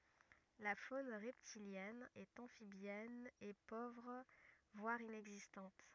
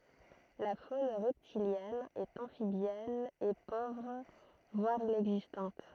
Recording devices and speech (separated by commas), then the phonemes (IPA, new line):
rigid in-ear microphone, throat microphone, read sentence
la fon ʁɛptiljɛn e ɑ̃fibjɛn ɛ povʁ vwaʁ inɛɡzistɑ̃t